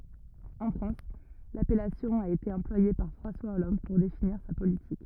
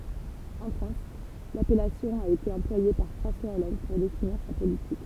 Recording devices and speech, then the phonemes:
rigid in-ear microphone, temple vibration pickup, read sentence
ɑ̃ fʁɑ̃s lapɛlasjɔ̃ a ete ɑ̃plwaje paʁ fʁɑ̃swa ɔlɑ̃d puʁ definiʁ sa politik

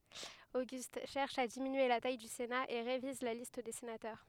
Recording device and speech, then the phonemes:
headset microphone, read sentence
oɡyst ʃɛʁʃ a diminye la taj dy sena e ʁeviz la list de senatœʁ

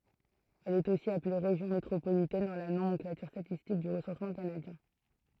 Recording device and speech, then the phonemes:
throat microphone, read sentence
ɛl ɛt osi aple ʁeʒjɔ̃ metʁopolitɛn dɑ̃ la nomɑ̃klatyʁ statistik dy ʁəsɑ̃smɑ̃ kanadjɛ̃

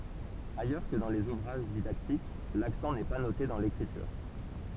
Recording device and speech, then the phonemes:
temple vibration pickup, read sentence
ajœʁ kə dɑ̃ lez uvʁaʒ didaktik laksɑ̃ nɛ pa note dɑ̃ lekʁityʁ

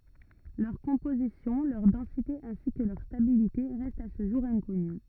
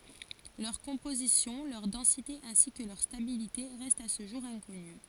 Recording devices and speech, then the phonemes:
rigid in-ear microphone, forehead accelerometer, read sentence
lœʁ kɔ̃pozisjɔ̃ lœʁ dɑ̃site ɛ̃si kə lœʁ stabilite ʁɛstt a sə ʒuʁ ɛ̃kɔny

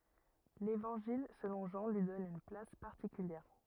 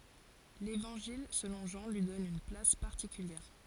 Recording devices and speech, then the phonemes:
rigid in-ear microphone, forehead accelerometer, read sentence
levɑ̃ʒil səlɔ̃ ʒɑ̃ lyi dɔn yn plas paʁtikyljɛʁ

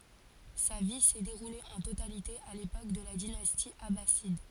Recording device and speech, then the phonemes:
forehead accelerometer, read sentence
sa vi sɛ deʁule ɑ̃ totalite a lepok də la dinasti abasid

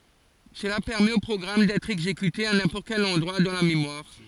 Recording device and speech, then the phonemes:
forehead accelerometer, read sentence
səla pɛʁmɛt o pʁɔɡʁam dɛtʁ ɛɡzekyte a nɛ̃pɔʁt kɛl ɑ̃dʁwa dɑ̃ la memwaʁ

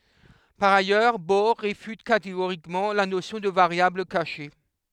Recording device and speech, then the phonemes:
headset microphone, read sentence
paʁ ajœʁ bɔʁ ʁefyt kateɡoʁikmɑ̃ la nosjɔ̃ də vaʁjabl kaʃe

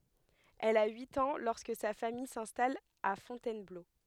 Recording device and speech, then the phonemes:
headset microphone, read sentence
ɛl a yit ɑ̃ lɔʁskə sa famij sɛ̃stal a fɔ̃tɛnblo

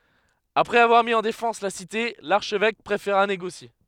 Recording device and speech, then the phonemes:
headset microphone, read sentence
apʁɛz avwaʁ mi ɑ̃ defɑ̃s la site laʁʃvɛk pʁefeʁa neɡosje

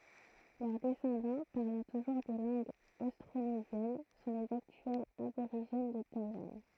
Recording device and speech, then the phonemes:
throat microphone, read sentence
lœʁ dɛsɑ̃dɑ̃ paʁlɑ̃ tuʒuʁ de lɑ̃ɡz ostʁonezjɛn sɔ̃ lez aktyɛlz aboʁiʒɛn də tajwan

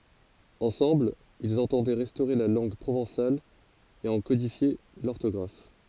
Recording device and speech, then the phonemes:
forehead accelerometer, read sentence
ɑ̃sɑ̃bl ilz ɑ̃tɑ̃dɛ ʁɛstoʁe la lɑ̃ɡ pʁovɑ̃sal e ɑ̃ kodifje lɔʁtɔɡʁaf

